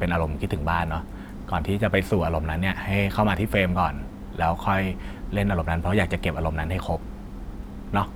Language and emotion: Thai, neutral